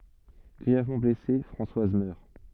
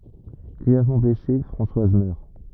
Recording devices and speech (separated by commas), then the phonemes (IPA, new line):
soft in-ear microphone, rigid in-ear microphone, read sentence
ɡʁiɛvmɑ̃ blɛse fʁɑ̃swaz mœʁ